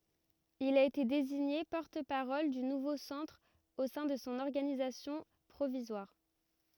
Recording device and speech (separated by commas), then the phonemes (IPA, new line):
rigid in-ear microphone, read sentence
il a ete deziɲe pɔʁt paʁɔl dy nuvo sɑ̃tʁ o sɛ̃ də sɔ̃ ɔʁɡanizasjɔ̃ pʁovizwaʁ